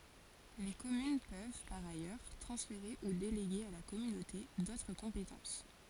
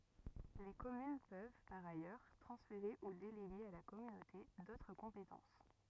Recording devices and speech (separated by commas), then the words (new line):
forehead accelerometer, rigid in-ear microphone, read sentence
Les communes peuvent, par ailleurs, transférer ou déléguer à la communauté d'autres compétences.